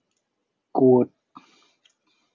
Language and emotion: Thai, neutral